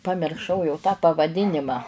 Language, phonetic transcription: Lithuanian, pamirˈšau jau tą pavaˈdinimą

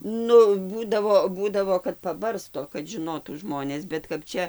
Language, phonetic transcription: Lithuanian, ˈnu ˈbūdavo ˈbūdavo kad paˈbarsto kad žiˈnotų ˈžmonės bet kap ˈčia

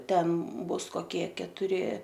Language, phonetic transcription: Lithuanian, ˈten ˈbus koˈkie ketuˈri

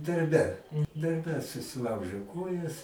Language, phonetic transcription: Lithuanian, darˈbe darˈbe susiˈlaužė ˈkojas

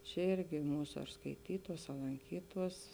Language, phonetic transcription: Lithuanian, čiaˈirgi ˈmūsa ar skaiˈtytuos a lanˈkytuos

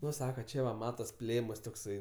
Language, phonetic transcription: Lithuanian, ˈnu ˈsaka ˈčia va ˈmatas ˈplėmas tokˈsai

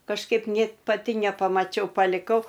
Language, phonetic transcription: Lithuanian, kažˈkaip ˈnėt paˈti nepamaˈčiau paliˈkau

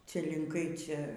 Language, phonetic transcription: Lithuanian, ˈcia linˈkai ˈcia

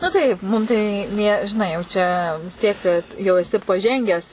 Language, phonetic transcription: Lithuanian, nu ˈtaip ˈmum tai ˈnė žiˈnai jau ˈčia vis ˈtiek kad jau eˈsi paˈžengęs

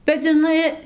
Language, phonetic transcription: Lithuanian, bet iˈnai

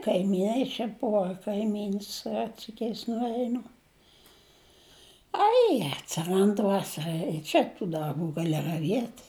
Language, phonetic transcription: Lithuanian, kaimyˈnai čia ˈbuva kaiˈmyns ˈrɜtsikiais nuˈeinu ˈai atsiˈrand ˈvasara i ˈčia tų darˈbų gaˈli raˈviet'

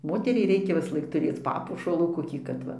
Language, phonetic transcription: Lithuanian, ˈmoteriai ˈreikia visˈlaik tuˈrėc ˈpapuošalų koˈkį kad ˈva

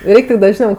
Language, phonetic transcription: Lithuanian, ˈreiktu dažˈniau

